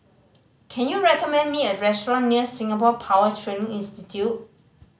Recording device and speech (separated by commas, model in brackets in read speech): mobile phone (Samsung C5010), read sentence